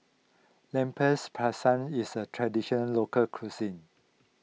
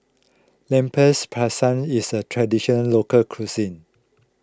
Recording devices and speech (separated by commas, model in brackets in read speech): mobile phone (iPhone 6), close-talking microphone (WH20), read sentence